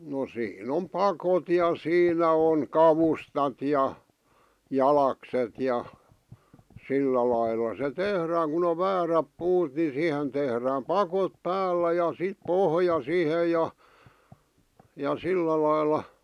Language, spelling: Finnish, no siinä on pakot ja siinä on kavustat ja jalakset ja sillä lailla se tehdään kun on väärät puut niin siihen tehdään pakot päällä ja sitten pohja siihen ja ja sillä lailla
- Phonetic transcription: no 'siin ‿om "pakot ja 'siinä oŋ "kavustat ja , "jalakset ja , 'sillä lailla se 'tehrääŋ kun ‿ov 'vääräp 'puut ni 'sìhen tehrääm "pakot "päällä ja 'sit "pohja "sihe ja , ja 'sillä lailla .

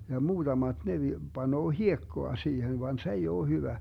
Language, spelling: Finnish, ja muutamat ne - panee hiekkaa siihen vaan se ei ole hyvä
- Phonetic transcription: ja 'muuDamaD ne vi- , 'Banoo "hiekkoa 'siihen van 's ‿ei oo 'hyvä .

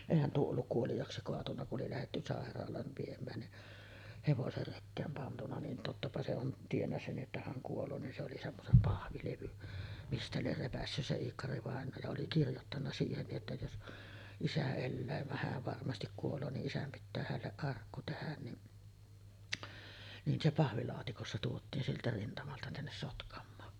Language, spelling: Finnish, eihän tuo ollut kuoliaaksi kaatunut kun oli lähdetty sairaalaan viemään niin hevoset rekeen pantu niin tottapa se on tiennyt sen että hän kuolee niin se oli semmoisen pahvilevyn mistä lie repäissyt se Iikkari-vainaja ja oli kirjoittanut siihen niin jotta jos isä elää vaan hän varmasti kuolee niin isän pitää hänelle arkku tehdä niin niin se pahvilaatikossa tuotiin sieltä rintamalta tänne Sotkamoon
- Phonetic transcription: èihän tuo olluk 'kuolijaaksi koatunna ku’ ’oli lähetty 'sàer̆raal̀aan̳§ viem̆mään ni , 'hevoser 'rekkeem pantuna nin 'tottapa se on 'tiennä 'sen ’että 'häŋ 'kuol̀oo nin se oli semmosem "pahvilevyn , 'mistä lier 'repässys se 'Iikkarivàenoo ja oli 'kirjottanna "siihen nij jotta jos , "isä 'ellää vah 'hääv varmastik kuol̀oo ni’ '’isäm pittää hälleˀ "ˀarkku tehän ni’ , nin se 'pahvilaatikossa tuot̆tiin sieltä 'rintamalta tännes 'Sotkam̆moon .

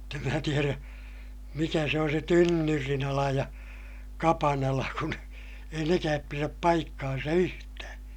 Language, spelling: Finnish, mutta en minä tiedä mikä se on se tynnyrinala ja kapanala kun ei nekään pidä paikkaansa yhtään
- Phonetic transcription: mutt ‿em mää tierä , mikä se on se tynnyrinala ja , kapanala kun , ei nekääp piräp paikkaansa yhtää .

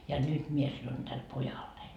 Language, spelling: Finnish, ja nyt minä sanon tälle pojalleni
- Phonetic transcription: ja 'nyt 'mie sanon Däl "pojallein .

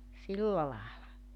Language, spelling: Finnish, silla lailla
- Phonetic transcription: 'silla laala .

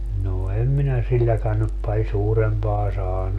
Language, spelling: Finnish, no en minä silläkään nyt paljon suurempaa saanut
- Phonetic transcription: noo 'em minä 'silläkän nyp paĺ 'suurempaa 'saanu .

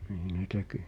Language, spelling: Finnish, niin ne teki
- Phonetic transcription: nii ne 'teki .

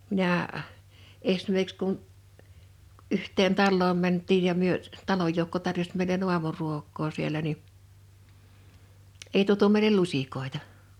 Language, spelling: Finnish, minä esimerkiksi kun yhteen taloon mentiin ja me talon joukko tarjosi meille aamuruokaa siellä niin ei tuotu meille lusikoita
- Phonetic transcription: minä̀ , 'esmer(ki)ks kun , 'yhteen 'talloom 'mänt̆tiij ja myö , 'taloj joukko tarjoś mèile'n ‿uamuruok̆koo siel ni , 'ei tuotu meilel "luśikòita .

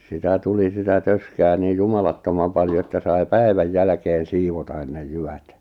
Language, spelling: Finnish, sitä tuli sitä töskää niin jumalattoman paljon että sai päivän jälkeen siivota ennen jyvät
- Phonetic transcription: sitä 'tuli sitä 'töskää niij 'jumalattomam paljo että sai̬ "päi̬väj 'jälᵃ̈keen 'siivota (ennej) 'jyvät ,.

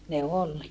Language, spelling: Finnish, ne oli
- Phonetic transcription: ne ol .

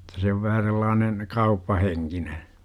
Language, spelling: Finnish, jotta se on vähän sellainen kauppahenkinen
- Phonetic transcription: -ta se ov 'vähä sellaanen , "kauppaheŋkine .

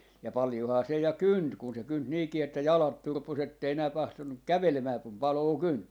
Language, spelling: Finnish, ja paljonhan se ja kynti kun se kynti niinkin että jalat turposi että ei enää tahtonut kävelemään kun paloa kynti
- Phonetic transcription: ja "palⁱjohaa 'se ja "kynt kun se 'kynt 'niikii että "jalat 'turpos ‿ettei enää "tahtonnuk "kävelemää kum 'paloo 'kynt .

